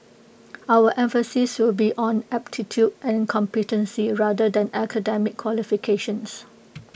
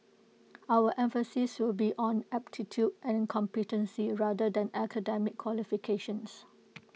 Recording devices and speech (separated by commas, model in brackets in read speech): boundary microphone (BM630), mobile phone (iPhone 6), read sentence